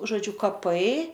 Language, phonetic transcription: Lithuanian, žoˈdžiu kaˈpai

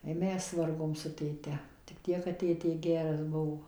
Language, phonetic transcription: Lithuanian, i ˈmes ˈvargom su tėˈte tik ˈtiek kad ˈtėtė ˈgeras ˈbuvo

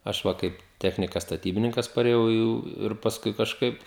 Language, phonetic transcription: Lithuanian, ˈaš va ˈkaip ˈtechnikas staˈtybininkas parėˈjau jau ir pasˈkui kažˈkaip

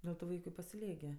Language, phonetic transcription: Lithuanian, ˈdel tu ˈvaiku i pasiˈliek gi

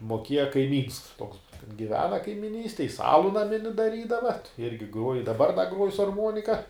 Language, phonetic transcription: Lithuanian, moˈkėja kaiˈmyns toks giˈvena kaimiˈnystej jis ˈalu naˈmini daˈrydava at ˈirgi ˈgruoj ir daˈbar da ˈgruoj su arˈmuonika

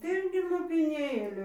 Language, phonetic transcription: Lithuanian, ˈten ˈgi lopiˈnėlių

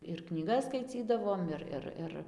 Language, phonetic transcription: Lithuanian, ir knyˈgas skaiˈcydavom ˈir ˈir ˈir

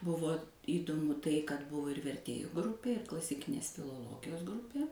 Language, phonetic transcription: Lithuanian, ˈbuvo įdoˈmu ˈtai kad ˈbuvo ir verˈtėju ˈgrupė ir klasiˈkinės filoˈlogijos ˈgrupė

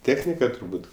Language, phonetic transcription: Lithuanian, ˈtėchnika turˈbūt

